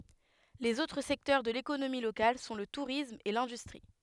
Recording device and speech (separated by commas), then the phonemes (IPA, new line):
headset microphone, read sentence
lez otʁ sɛktœʁ də lekonomi lokal sɔ̃ lə tuʁism e lɛ̃dystʁi